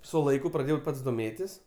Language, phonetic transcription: Lithuanian, su laiˈku praˈdėjau ˈpats doˈmėtis

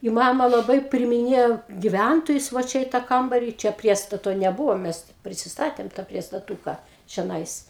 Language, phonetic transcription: Lithuanian, i ˈmama laˈbai priimiˈnėjo giˈvæntojus va ˈčia i ta ˈkambari čia ˈpriestato neˈbuvo ˈmes ˈprisisˈtatėm ta priestaˈtūka čeˈnais

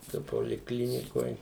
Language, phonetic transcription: Lithuanian, to polikˈlinikoj

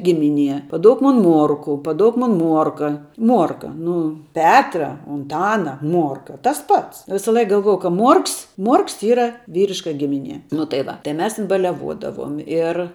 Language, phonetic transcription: Lithuanian, ˈgimiˌnie paˈduok ˈmon ˈmuorku paˈduok ˈmon ˈmuorka ˈmuorka ˈnu ˈpetra unˈtana ˈmuorka tas ˈpats ˈvisaˌlaik galˈvuojau ka ˈmuorks ˈmuorks ˈyra ˈvyriška ˈgiminie nu tai ˈva tai ˈmes ˈtin baliaˈvodavuom ir

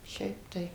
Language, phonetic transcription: Lithuanian, ˈšiaip tai

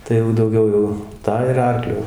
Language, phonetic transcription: Lithuanian, tai jau dauˈgiau jau ˈtą ir ˈarkliu

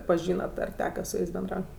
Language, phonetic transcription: Lithuanian, paˈžynat ar ˈteka su ˈjais benˈdraut'

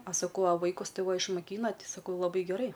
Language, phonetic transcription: Lithuanian, a saˈkau a ˈvaikus ˈtai ˈva išmoˈkyna ˈti saˈkau laˈbai geˈrai

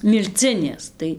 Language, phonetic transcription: Lithuanian, milˈcinės ˈtai

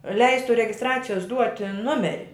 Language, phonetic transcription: Lithuanian, ˈleistu regisˈtracijos ˈduoti ˈnumeri

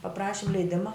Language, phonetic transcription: Lithuanian, paˈprašim leiˈdima

